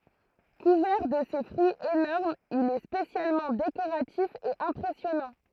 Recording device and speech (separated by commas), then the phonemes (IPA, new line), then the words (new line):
throat microphone, read sentence
kuvɛʁ də se fʁyiz enɔʁmz il ɛ spesjalmɑ̃ dekoʁatif e ɛ̃pʁɛsjɔnɑ̃
Couvert de ses fruits énormes il est spécialement décoratif et impressionnant.